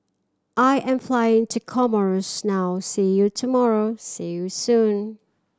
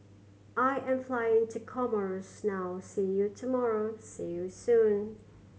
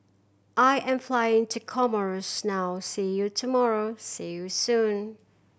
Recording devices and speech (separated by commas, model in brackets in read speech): standing microphone (AKG C214), mobile phone (Samsung C7100), boundary microphone (BM630), read sentence